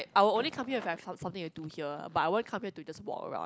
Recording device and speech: close-talking microphone, conversation in the same room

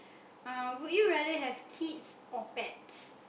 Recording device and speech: boundary microphone, conversation in the same room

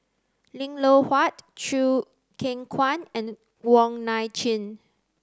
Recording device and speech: close-talking microphone (WH30), read sentence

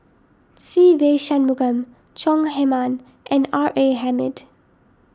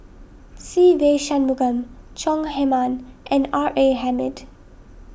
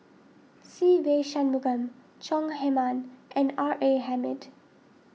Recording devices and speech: standing microphone (AKG C214), boundary microphone (BM630), mobile phone (iPhone 6), read sentence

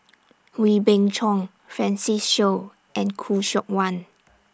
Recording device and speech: standing microphone (AKG C214), read sentence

